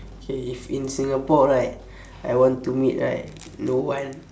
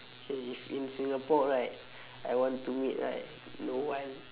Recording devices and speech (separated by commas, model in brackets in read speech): standing microphone, telephone, conversation in separate rooms